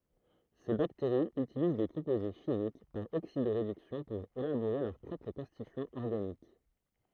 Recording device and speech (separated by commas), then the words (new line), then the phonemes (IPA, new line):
throat microphone, read sentence
Ces bactéries utilisent des composés chimiques, par oxydo-réduction pour élaborer leurs propres constituants organiques.
se bakteʁiz ytiliz de kɔ̃poze ʃimik paʁ oksido ʁedyksjɔ̃ puʁ elaboʁe lœʁ pʁɔpʁ kɔ̃stityɑ̃z ɔʁɡanik